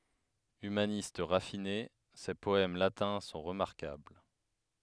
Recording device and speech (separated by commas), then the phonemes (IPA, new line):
headset microphone, read sentence
ymanist ʁafine se pɔɛm latɛ̃ sɔ̃ ʁəmaʁkabl